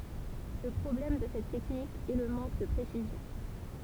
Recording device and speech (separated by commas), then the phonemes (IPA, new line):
temple vibration pickup, read sentence
lə pʁɔblɛm də sɛt tɛknik ɛ lə mɑ̃k də pʁesizjɔ̃